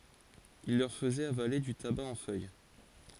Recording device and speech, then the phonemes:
forehead accelerometer, read sentence
il lœʁ fəzɛt avale dy taba ɑ̃ fœj

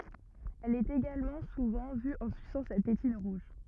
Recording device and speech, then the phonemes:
rigid in-ear microphone, read sentence
ɛl ɛt eɡalmɑ̃ suvɑ̃ vy ɑ̃ sysɑ̃ sa tetin ʁuʒ

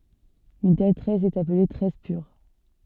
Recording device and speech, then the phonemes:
soft in-ear microphone, read sentence
yn tɛl tʁɛs ɛt aple tʁɛs pyʁ

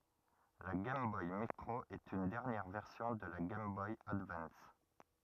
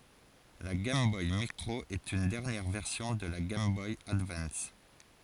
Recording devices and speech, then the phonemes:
rigid in-ear microphone, forehead accelerometer, read sentence
la ɡɛjm bɔj mikʁo ɛt yn dɛʁnjɛʁ vɛʁsjɔ̃ də la ɡɛjm bɔj advɑ̃s

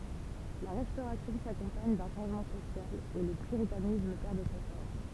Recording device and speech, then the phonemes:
temple vibration pickup, read sentence
la ʁɛstoʁasjɔ̃ sakɔ̃paɲ dœ̃ ʃɑ̃ʒmɑ̃ sosjal e lə pyʁitanism pɛʁ də sa fɔʁs

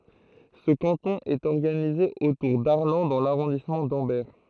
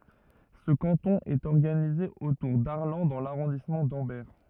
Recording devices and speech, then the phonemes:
throat microphone, rigid in-ear microphone, read sentence
sə kɑ̃tɔ̃ ɛt ɔʁɡanize otuʁ daʁlɑ̃ dɑ̃ laʁɔ̃dismɑ̃ dɑ̃bɛʁ

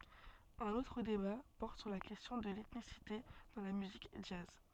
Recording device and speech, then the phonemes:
soft in-ear microphone, read sentence
œ̃n otʁ deba pɔʁt syʁ la kɛstjɔ̃ də lɛtnisite dɑ̃ la myzik dʒaz

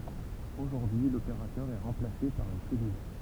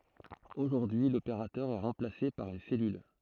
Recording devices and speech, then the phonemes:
temple vibration pickup, throat microphone, read sentence
oʒuʁdyi y lopeʁatœʁ ɛ ʁɑ̃plase paʁ yn sɛlyl

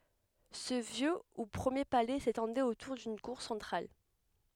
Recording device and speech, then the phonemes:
headset microphone, read sentence
sə vjø u pʁəmje palɛ setɑ̃dɛt otuʁ dyn kuʁ sɑ̃tʁal

